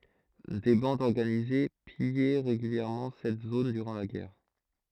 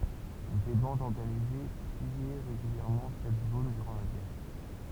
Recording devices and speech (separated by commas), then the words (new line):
throat microphone, temple vibration pickup, read sentence
Des bandes organisées pillaient régulièrement cette zone durant la guerre.